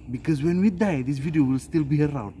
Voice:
puts on silly voice